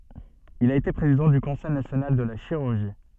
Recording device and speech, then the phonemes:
soft in-ear microphone, read sentence
il a ete pʁezidɑ̃ dy kɔ̃sɛj nasjonal də la ʃiʁyʁʒi

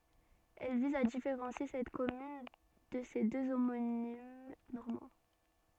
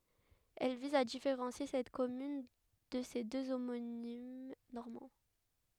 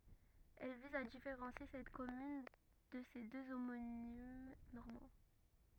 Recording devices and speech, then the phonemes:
soft in-ear microphone, headset microphone, rigid in-ear microphone, read sentence
ɛl viz a difeʁɑ̃sje sɛt kɔmyn də se dø omonim nɔʁmɑ̃

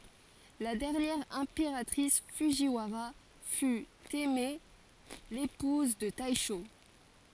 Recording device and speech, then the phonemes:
forehead accelerometer, read sentence
la dɛʁnjɛʁ ɛ̃peʁatʁis fudʒiwaʁa fy tɛmɛ epuz də tɛʃo

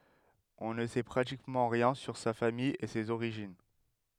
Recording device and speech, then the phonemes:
headset microphone, read sentence
ɔ̃ nə sɛ pʁatikmɑ̃ ʁjɛ̃ syʁ sa famij e sez oʁiʒin

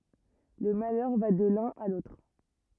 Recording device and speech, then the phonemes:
rigid in-ear microphone, read sentence
lə malœʁ va də lœ̃n a lotʁ

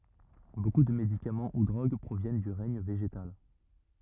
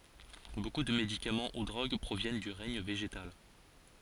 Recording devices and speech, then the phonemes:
rigid in-ear microphone, forehead accelerometer, read sentence
boku də medikamɑ̃ u dʁoɡ pʁovjɛn dy ʁɛɲ veʒetal

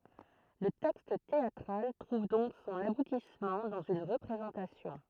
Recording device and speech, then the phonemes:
throat microphone, read sentence
lə tɛkst teatʁal tʁuv dɔ̃k sɔ̃n abutismɑ̃ dɑ̃z yn ʁəpʁezɑ̃tasjɔ̃

